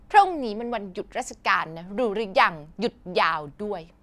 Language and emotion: Thai, frustrated